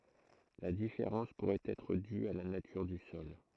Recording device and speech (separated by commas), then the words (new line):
throat microphone, read sentence
La différence pourrait être due à la nature du sol.